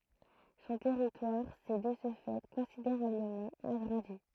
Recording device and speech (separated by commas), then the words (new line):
throat microphone, read sentence
Son territoire s'est de ce fait considérablement agrandi.